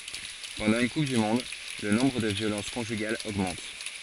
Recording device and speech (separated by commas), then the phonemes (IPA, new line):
forehead accelerometer, read sentence
pɑ̃dɑ̃ yn kup dy mɔ̃d lə nɔ̃bʁ də vjolɑ̃s kɔ̃ʒyɡalz oɡmɑ̃t